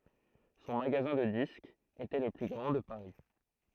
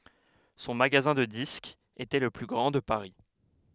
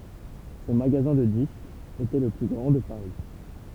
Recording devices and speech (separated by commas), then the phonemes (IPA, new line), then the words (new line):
throat microphone, headset microphone, temple vibration pickup, read sentence
sɔ̃ maɡazɛ̃ də diskz etɛ lə ply ɡʁɑ̃ də paʁi
Son magasin de disques était le plus grand de Paris.